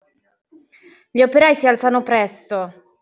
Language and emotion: Italian, angry